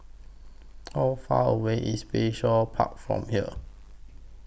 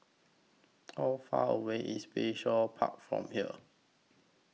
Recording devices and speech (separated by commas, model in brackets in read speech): boundary microphone (BM630), mobile phone (iPhone 6), read sentence